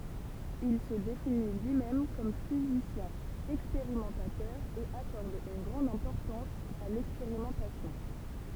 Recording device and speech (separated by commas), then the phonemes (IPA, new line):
temple vibration pickup, read sentence
il sə defini lyimɛm kɔm fizisjɛ̃ ɛkspeʁimɑ̃tatœʁ e akɔʁd yn ɡʁɑ̃d ɛ̃pɔʁtɑ̃s a lɛkspeʁimɑ̃tasjɔ̃